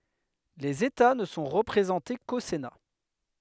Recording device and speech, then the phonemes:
headset microphone, read sentence
lez eta nə sɔ̃ ʁəpʁezɑ̃te ko sena

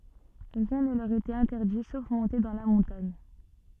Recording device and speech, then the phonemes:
soft in-ear microphone, read sentence
ʁiɛ̃ nə lœʁ etɛt ɛ̃tɛʁdi sof mɔ̃te dɑ̃ la mɔ̃taɲ

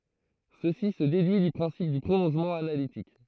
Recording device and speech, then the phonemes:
throat microphone, read sentence
səsi sə dedyi dy pʁɛ̃sip dy pʁolɔ̃ʒmɑ̃ analitik

